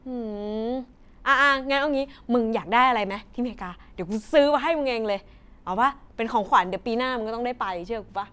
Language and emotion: Thai, happy